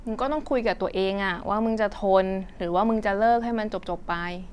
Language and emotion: Thai, frustrated